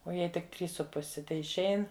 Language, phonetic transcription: Lithuanian, o ˈjai tik ˈtrys su ˈpusi teišˈein

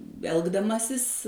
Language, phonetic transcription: Lithuanian, ˈelgdamasis

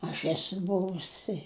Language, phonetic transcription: Lithuanian, aš ˈesu ˈbuvus i

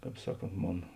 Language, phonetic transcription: Lithuanian, ˈkāp ˈsaˌkont ˈmon

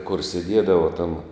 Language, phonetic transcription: Lithuanian, kur seˈdiedava tam

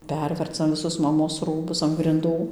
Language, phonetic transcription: Lithuanian, ˈpervercam viˈsus maˈmos ˈrūbus an grinˈdų

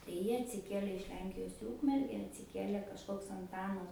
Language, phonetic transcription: Lithuanian, tai ˈjie atsiˈkiele iš ˈlenkijos į ˈūkmerge atsiˈkiele kažˈkoks anˈtanas

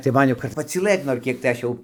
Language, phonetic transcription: Lithuanian, tai ˈman jau kad pacyˈlɘt nor ˈkiek tai ˈaš jau

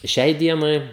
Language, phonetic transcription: Lithuanian, ˈšiai ˈdienai

